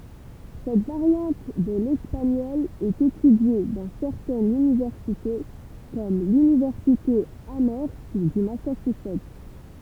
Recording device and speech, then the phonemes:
temple vibration pickup, read sentence
sɛt vaʁjɑ̃t də lɛspaɲɔl ɛt etydje dɑ̃ sɛʁtɛnz ynivɛʁsite kɔm lynivɛʁsite amœʁst dy masaʃyzɛt

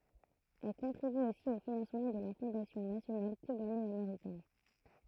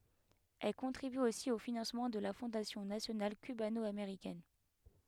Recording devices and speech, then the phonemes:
throat microphone, headset microphone, read sentence
ɛl kɔ̃tʁiby osi o finɑ̃smɑ̃ də la fɔ̃dasjɔ̃ nasjonal kybanɔameʁikɛn

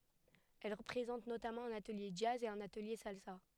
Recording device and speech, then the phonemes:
headset microphone, read sentence
ɛl pʁezɑ̃t notamɑ̃ œ̃n atəlje dʒaz e œ̃n atəlje salsa

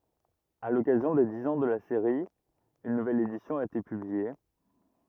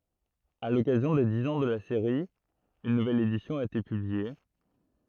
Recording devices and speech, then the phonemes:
rigid in-ear microphone, throat microphone, read sentence
a lɔkazjɔ̃ de diz ɑ̃ də la seʁi yn nuvɛl edisjɔ̃ a ete pyblie

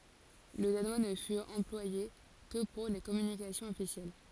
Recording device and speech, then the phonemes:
forehead accelerometer, read sentence
lə danwa nə fyt ɑ̃plwaje kə puʁ le kɔmynikasjɔ̃z ɔfisjɛl

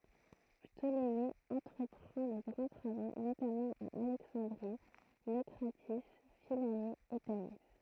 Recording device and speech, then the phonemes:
throat microphone, read sentence
ptoleme ɑ̃tʁəpʁɑ̃ də ɡʁɑ̃ tʁavo notamɑ̃ a alɛksɑ̃dʁi nokʁati fila e tani

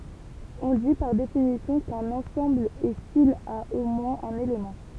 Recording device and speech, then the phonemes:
temple vibration pickup, read sentence
ɔ̃ di paʁ definisjɔ̃ kœ̃n ɑ̃sɑ̃bl ɛ sil a o mwɛ̃z œ̃n elemɑ̃

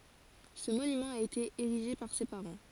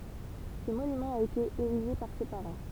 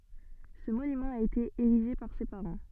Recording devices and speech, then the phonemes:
forehead accelerometer, temple vibration pickup, soft in-ear microphone, read sentence
sə monymɑ̃ a ete eʁiʒe paʁ se paʁɑ̃

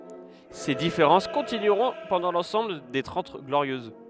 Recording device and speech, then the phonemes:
headset microphone, read sentence
se difeʁɑ̃s kɔ̃tinyʁɔ̃ pɑ̃dɑ̃ lɑ̃sɑ̃bl de tʁɑ̃t ɡloʁjøz

